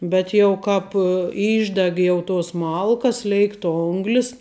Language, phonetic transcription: Lithuanian, bet jau ˈkāp ˈyšdeg ˈjau tos ˈmalkas ˈleikt ˈonglis

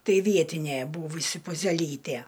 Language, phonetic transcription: Lithuanian, ˈtai ˈvietinė ˈbūvusi puzeˈlytė

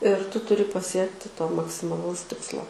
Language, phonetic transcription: Lithuanian, ir ˈtu ˈturi paˈsiekti to maksimaˈlaus ˈtikslo

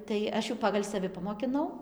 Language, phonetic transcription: Lithuanian, tai ˈaš jau ˈpagal' saˈvi pamokiˈnau

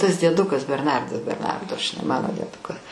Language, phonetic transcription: Lithuanian, tas dieˈdukas berˈnardas berˈnardo žiˈnai ˈmano dieˈduka

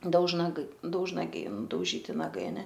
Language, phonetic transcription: Lithuanian, daužnaˈgai daužnaˈgiai nudauˈžyti naˈgai aˈne

